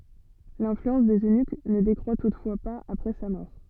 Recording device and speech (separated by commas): soft in-ear microphone, read sentence